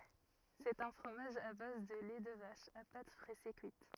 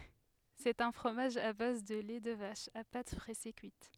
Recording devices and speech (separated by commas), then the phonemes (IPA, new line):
rigid in-ear microphone, headset microphone, read sentence
sɛt œ̃ fʁomaʒ a baz də lɛ də vaʃ a pat pʁɛse kyit